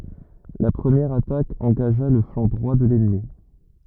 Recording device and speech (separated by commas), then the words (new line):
rigid in-ear microphone, read sentence
La première attaque engagea le flanc droit de l’ennemi.